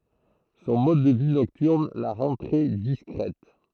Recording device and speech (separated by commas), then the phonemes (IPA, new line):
throat microphone, read sentence
sɔ̃ mɔd də vi nɔktyʁn la ʁɑ̃ tʁɛ diskʁɛt